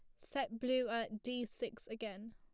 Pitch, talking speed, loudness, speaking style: 230 Hz, 170 wpm, -41 LUFS, plain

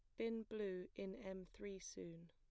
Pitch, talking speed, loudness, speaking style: 195 Hz, 170 wpm, -50 LUFS, plain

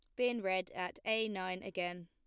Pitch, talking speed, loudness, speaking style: 185 Hz, 195 wpm, -37 LUFS, plain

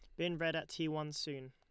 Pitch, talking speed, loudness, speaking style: 155 Hz, 275 wpm, -39 LUFS, Lombard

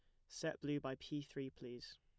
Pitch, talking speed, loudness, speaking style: 140 Hz, 210 wpm, -46 LUFS, plain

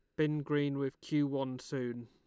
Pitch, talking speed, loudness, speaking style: 140 Hz, 195 wpm, -35 LUFS, Lombard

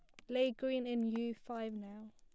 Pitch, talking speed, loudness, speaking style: 235 Hz, 200 wpm, -39 LUFS, plain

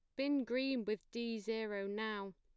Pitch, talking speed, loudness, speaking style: 225 Hz, 165 wpm, -40 LUFS, plain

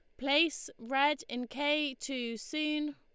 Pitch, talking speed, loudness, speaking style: 285 Hz, 130 wpm, -32 LUFS, Lombard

